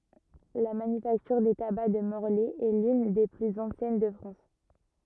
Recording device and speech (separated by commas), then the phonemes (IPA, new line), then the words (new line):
rigid in-ear microphone, read sentence
la manyfaktyʁ de taba də mɔʁlɛ ɛ lyn de plyz ɑ̃sjɛn də fʁɑ̃s
La Manufacture des tabacs de Morlaix est l'une des plus anciennes de France.